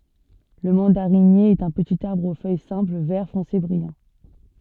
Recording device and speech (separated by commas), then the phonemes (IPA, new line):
soft in-ear microphone, read sentence
lə mɑ̃daʁinje ɛt œ̃ pətit aʁbʁ o fœj sɛ̃pl vɛʁ fɔ̃se bʁijɑ̃